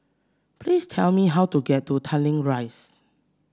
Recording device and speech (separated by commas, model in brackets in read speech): standing microphone (AKG C214), read sentence